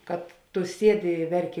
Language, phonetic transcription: Lithuanian, kad ˈtu ˈsiedi i ˈverˌki

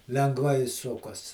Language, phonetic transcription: Lithuanian, lengˈvai ˈsukas

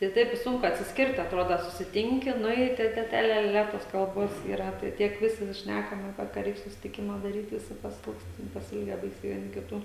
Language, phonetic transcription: Lithuanian, tai ˈtaip i ˈsunku atsisˈkirt atˈroda susiˈtinki ˈnu i tai ˈte ˈte ˈle ˈle ˈle ˈtos kalˈbos yˈra ˈtai ˈtiek ˈvisi ˈšnækam aˈpie ka ˈreik susitiˈkima daˈryt ˈvisi paˈsilgst ten pasiˈilgę ˈbaisiai vieˈni kiˈtų

